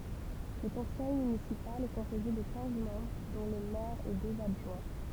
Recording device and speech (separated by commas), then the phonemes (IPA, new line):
temple vibration pickup, read sentence
lə kɔ̃sɛj mynisipal ɛ kɔ̃poze də kɛ̃z mɑ̃bʁ dɔ̃ lə mɛʁ e døz adʒwɛ̃